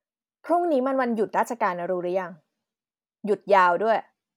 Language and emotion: Thai, neutral